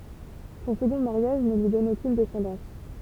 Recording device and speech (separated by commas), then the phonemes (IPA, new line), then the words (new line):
temple vibration pickup, read sentence
sɔ̃ səɡɔ̃ maʁjaʒ nə lyi dɔn okyn dɛsɑ̃dɑ̃s
Son second mariage ne lui donne aucune descendance.